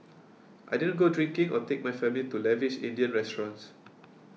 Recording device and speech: mobile phone (iPhone 6), read sentence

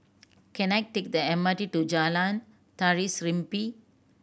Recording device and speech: boundary microphone (BM630), read sentence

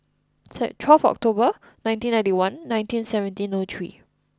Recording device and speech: close-talking microphone (WH20), read sentence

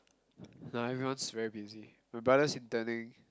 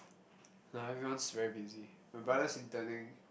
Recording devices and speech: close-talking microphone, boundary microphone, conversation in the same room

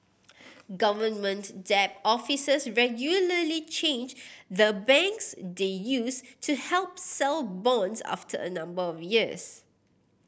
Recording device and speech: boundary microphone (BM630), read sentence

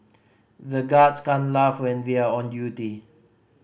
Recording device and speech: boundary microphone (BM630), read sentence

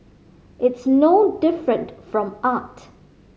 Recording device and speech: mobile phone (Samsung C5010), read sentence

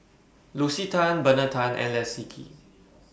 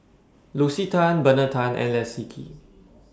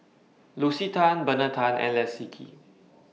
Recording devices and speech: boundary microphone (BM630), standing microphone (AKG C214), mobile phone (iPhone 6), read sentence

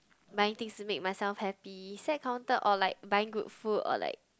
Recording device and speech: close-talking microphone, conversation in the same room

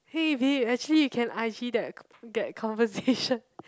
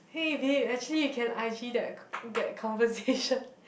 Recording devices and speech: close-talking microphone, boundary microphone, conversation in the same room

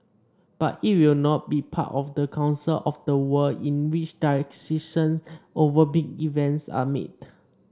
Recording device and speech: standing microphone (AKG C214), read sentence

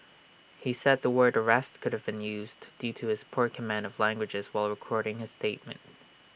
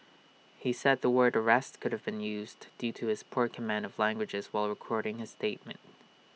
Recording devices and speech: boundary microphone (BM630), mobile phone (iPhone 6), read sentence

